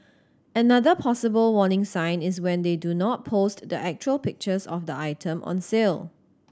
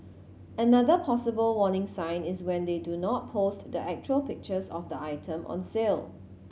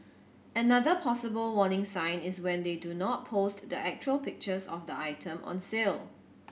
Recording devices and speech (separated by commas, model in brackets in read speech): standing microphone (AKG C214), mobile phone (Samsung C7100), boundary microphone (BM630), read sentence